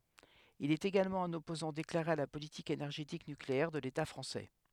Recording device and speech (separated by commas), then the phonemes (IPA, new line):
headset microphone, read sentence
il ɛt eɡalmɑ̃ œ̃n ɔpozɑ̃ deklaʁe a la politik enɛʁʒetik nykleɛʁ də leta fʁɑ̃sɛ